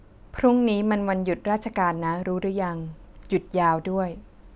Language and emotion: Thai, neutral